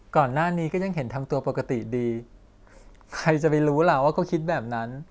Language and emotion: Thai, happy